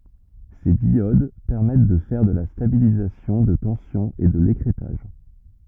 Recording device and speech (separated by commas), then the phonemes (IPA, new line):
rigid in-ear microphone, read sentence
se djod pɛʁmɛt də fɛʁ də la stabilizasjɔ̃ də tɑ̃sjɔ̃ e də lekʁɛtaʒ